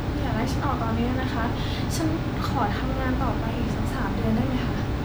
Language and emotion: Thai, frustrated